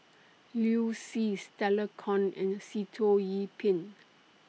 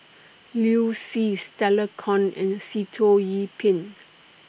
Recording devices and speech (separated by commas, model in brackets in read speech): mobile phone (iPhone 6), boundary microphone (BM630), read sentence